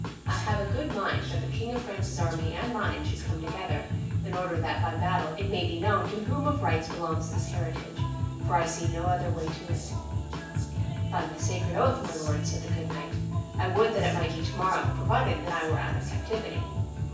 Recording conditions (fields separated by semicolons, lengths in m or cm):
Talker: one person; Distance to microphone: 9.8 m; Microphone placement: far; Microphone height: 1.8 m; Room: large; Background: music